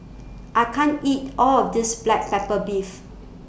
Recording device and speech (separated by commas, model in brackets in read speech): boundary microphone (BM630), read sentence